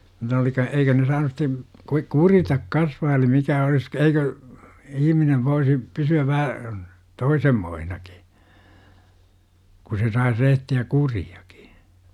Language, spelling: Finnish, niitä oli - eikö ne saanut sitten - kuritta kasvaa eli mikä olisi eikö ihminen voisi pysyä vähän toisenmoisenakin kun se saisi rehtiä kuriakin
- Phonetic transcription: nitä oli ka- 'eikö ne saanus sit̆te , kui- "kuritak kasvaa eli 'mikä olis 'eikö , "ihminev voisi , 'pysy₍äv vähä , "toisemmoihnakI , ku se sais 'rehti₍ä "kuri₍AkI .

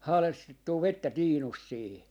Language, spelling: Finnish, haalestettua vettä tiinusta siihen
- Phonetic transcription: 'haalestettuu "vettä "tiinust 'siihi .

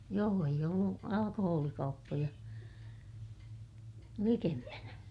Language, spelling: Finnish, joo ei ollut alkoholikauppoja likempänä
- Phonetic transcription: joo eij ‿ollu , alakohoolikauppoja , likempänä .

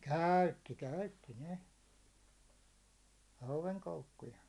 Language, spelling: Finnish, käytti käytti ne hauenkoukkuja
- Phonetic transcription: kä̀ytti 'käytti 'ne , 'hauvenkoukkuja .

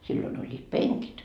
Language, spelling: Finnish, silloin olivat penkit
- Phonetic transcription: silloin oĺĺiit "peŋkit .

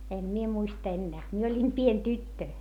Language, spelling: Finnish, en minä muista enää minä olin pieni tyttö
- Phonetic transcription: em mie muistᵃ ennää , mie oĺim pien tyttö .

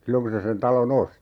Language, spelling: Finnish, silloin kun se sen talon osti
- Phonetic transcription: 'silloŋ ku se sen 'talon "osti .

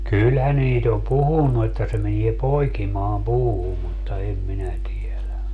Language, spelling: Finnish, kyllähän niitä on puhunut että se menee poikimaan puuhun mutta en minä tiedä
- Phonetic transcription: 'kylhä 'niit ‿om "puhunnu että se 'menie "poikimaam 'puuhum mutta 'em minä 'tielä .

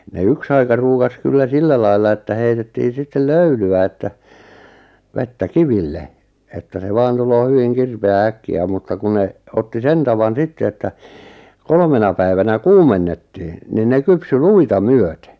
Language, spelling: Finnish, ne yksi aika ruukasi kyllä sillä lailla että heitettiin sitten löylyä että vettä kiville että se vain tulee hyvin kirpeää äkkiä mutta kun ne otti sen tavan sitten että kolmena päivänä kuumennettiin niin ne kypsyi luita myöten
- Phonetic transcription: ne 'yks ‿aika ruukas 'kyllä "sillä lailla että 'heitettii 'sittel "löyly₍ä että , 'vettä "kiville , että se 'vaan 'tuloo 'hyviŋ "kirpe₍ää "äkki₍ä mutta ku 'ne , 'otti "sen tavan "sitte että , 'kolmena päivänä "kuumennettɪɪ , nin 'ne kypsy "luita "myöte .

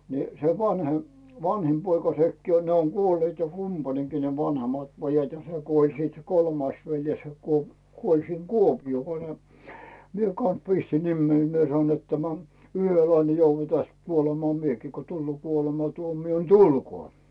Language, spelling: Finnish, niin se vanhin vanhin poika sekin on ne on kuolleet kumpainenkin ne vanhemmat pojat ja se kuoli sitten se kolmas veljes se - kuoli siinne Kuopioon kun ne minä kanssa pistin nimeni minä sanoin että tämä yhdellä lailla niin joudan tästä kuolemaan minäkin kun tulee kuolematuomio niin tulkoon
- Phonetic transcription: ni , se 'vanhem , 'vanhim poika 'sekkii o 'ne oŋ "Guolleet kumpaneŋkii ne vanhemat 'pojat ja se "kuoĺ siit se 'kolmais veljes se kuo- , 'kuoĺ siŋ "kuopiʲoo ko ne , mie kans "pistin 'nimmei 'mie sanoin net tämä , » 'yhöl lail ne jouvva täst , 'kuolemaa "miekii ko 'tulloo 'kuolematuomi₍o ni "tulkoo « .

